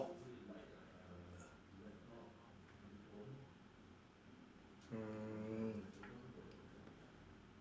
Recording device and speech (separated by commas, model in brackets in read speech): standing microphone, conversation in separate rooms